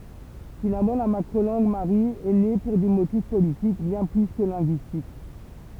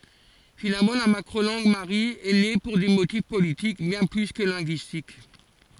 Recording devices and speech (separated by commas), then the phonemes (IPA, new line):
temple vibration pickup, forehead accelerometer, read sentence
finalmɑ̃ la makʁo lɑ̃ɡ maʁi ɛ ne puʁ de motif politik bjɛ̃ ply kə lɛ̃ɡyistik